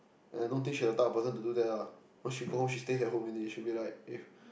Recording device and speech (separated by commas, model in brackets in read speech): boundary microphone, conversation in the same room